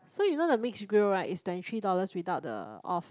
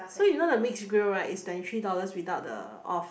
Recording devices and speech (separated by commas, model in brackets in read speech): close-talking microphone, boundary microphone, conversation in the same room